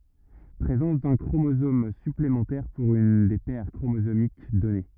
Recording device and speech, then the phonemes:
rigid in-ear microphone, read sentence
pʁezɑ̃s dœ̃ kʁomozom syplemɑ̃tɛʁ puʁ yn de pɛʁ kʁomozomik dɔne

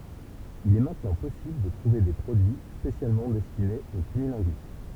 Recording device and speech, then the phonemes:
temple vibration pickup, read sentence
il ɛ mɛ̃tnɑ̃ pɔsibl də tʁuve de pʁodyi spesjalmɑ̃ dɛstinez o kynilɛ̃ɡys

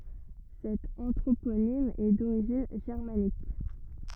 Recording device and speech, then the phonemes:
rigid in-ear microphone, read sentence
sɛt ɑ̃tʁoponim ɛ doʁiʒin ʒɛʁmanik

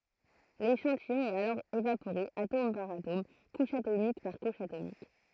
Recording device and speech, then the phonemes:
throat microphone, read sentence
leʃɑ̃tijɔ̃ ɛt alɔʁ evapoʁe atom paʁ atom kuʃ atomik paʁ kuʃ atomik

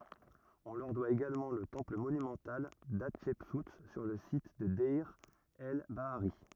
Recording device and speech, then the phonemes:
rigid in-ear microphone, read sentence
ɔ̃ lœʁ dwa eɡalmɑ̃ lə tɑ̃pl monymɑ̃tal datʃɛpsu syʁ lə sit də dɛʁ ɛl baaʁi

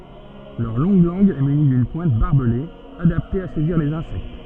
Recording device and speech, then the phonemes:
soft in-ear microphone, read sentence
lœʁ lɔ̃ɡ lɑ̃ɡ ɛ myni dyn pwɛ̃t baʁbəle adapte a sɛziʁ lez ɛ̃sɛkt

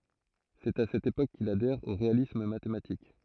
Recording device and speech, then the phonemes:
throat microphone, read sentence
sɛt a sɛt epok kil adɛʁ o ʁealism matematik

